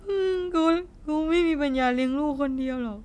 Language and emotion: Thai, sad